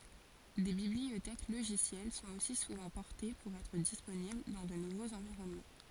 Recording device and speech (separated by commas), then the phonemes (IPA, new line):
forehead accelerometer, read sentence
de bibliotɛk loʒisjɛl sɔ̃t osi suvɑ̃ pɔʁte puʁ ɛtʁ disponibl dɑ̃ də nuvoz ɑ̃viʁɔnmɑ̃